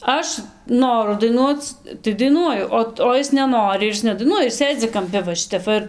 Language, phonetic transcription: Lithuanian, ˈaš ˈnoru daiˈnuoc tai daiˈnuoju ˈo o ˈis neˈnori ir ˈis nedaiˈnuoja ir ˈsėdzi kamˈpi va ˈšitep ˈva ir

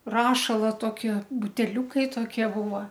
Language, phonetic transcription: Lithuanian, ˈrašala ˈtoˈkie buteˈliūkai toˈkie ˈbūva

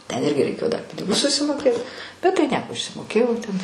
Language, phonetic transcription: Lithuanian, ten ˈirgi reiˈkėjo dar ˈpinigus susimoˈkėt bet tai ˈnieko išsimoˈkėjau ten

